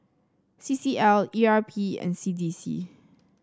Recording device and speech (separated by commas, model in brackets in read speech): standing microphone (AKG C214), read sentence